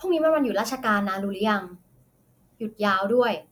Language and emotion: Thai, neutral